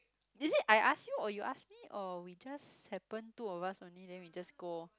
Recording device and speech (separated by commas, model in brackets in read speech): close-talking microphone, conversation in the same room